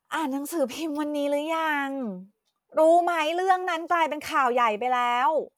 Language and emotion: Thai, frustrated